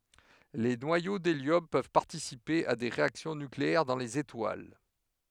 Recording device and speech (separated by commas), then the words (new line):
headset microphone, read sentence
Les noyaux d'hélium peuvent participer à des réactions nucléaires dans les étoiles.